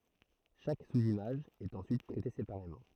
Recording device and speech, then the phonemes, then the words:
throat microphone, read sentence
ʃak suzimaʒ ɛt ɑ̃syit tʁɛte sepaʁemɑ̃
Chaque sous-image est ensuite traitée séparément.

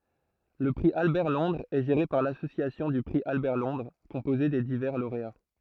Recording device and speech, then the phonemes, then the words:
throat microphone, read sentence
lə pʁi albɛʁtlɔ̃dʁz ɛ ʒeʁe paʁ lasosjasjɔ̃ dy pʁi albɛʁtlɔ̃dʁ kɔ̃poze de divɛʁ loʁea
Le prix Albert-Londres est géré par l'Association du prix Albert-Londres, composée des divers lauréats.

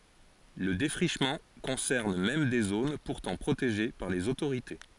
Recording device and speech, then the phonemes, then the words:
forehead accelerometer, read sentence
lə defʁiʃmɑ̃ kɔ̃sɛʁn mɛm de zon puʁtɑ̃ pʁoteʒe paʁ lez otoʁite
Le défrichement concerne même des zones pourtant protégées par les autorités.

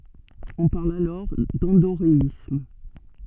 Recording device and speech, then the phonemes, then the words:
soft in-ear microphone, read sentence
ɔ̃ paʁl alɔʁ dɑ̃doʁeism
On parle alors d'endoréisme.

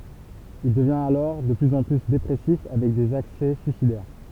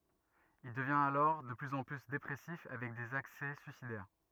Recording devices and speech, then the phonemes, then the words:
temple vibration pickup, rigid in-ear microphone, read sentence
il dəvjɛ̃t alɔʁ də plyz ɑ̃ ply depʁɛsif avɛk dez aksɛ syisidɛʁ
Il devient alors de plus en plus dépressif avec des accès suicidaires.

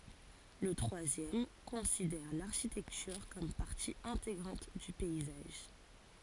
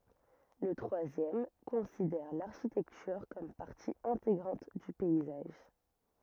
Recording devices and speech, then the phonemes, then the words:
forehead accelerometer, rigid in-ear microphone, read sentence
lə tʁwazjɛm kɔ̃sidɛʁ laʁʃitɛktyʁ kɔm paʁti ɛ̃teɡʁɑ̃t dy pɛizaʒ
Le troisième considère l’architecture comme partie intégrante du paysage.

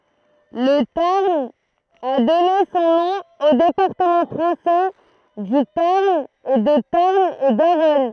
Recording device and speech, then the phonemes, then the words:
throat microphone, read sentence
lə taʁn a dɔne sɔ̃ nɔ̃ o depaʁtəmɑ̃ fʁɑ̃sɛ dy taʁn e də taʁn e ɡaʁɔn
Le Tarn a donné son nom aux départements français du Tarn et de Tarn-et-Garonne.

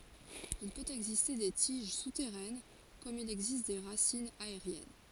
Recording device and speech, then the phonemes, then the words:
forehead accelerometer, read sentence
il pøt ɛɡziste de tiʒ sutɛʁɛn kɔm il ɛɡzist de ʁasinz aeʁjɛn
Il peut exister des tiges souterraines comme il existe des racines aériennes.

